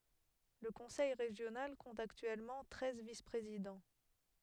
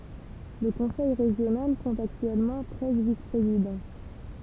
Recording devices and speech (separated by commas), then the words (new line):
headset microphone, temple vibration pickup, read sentence
Le conseil régional compte actuellement treize vice-présidents.